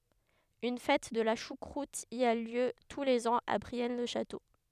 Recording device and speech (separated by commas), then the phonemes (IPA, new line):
headset microphone, read sentence
yn fɛt də la ʃukʁut i a ljø tu lez ɑ̃z a bʁiɛn lə ʃato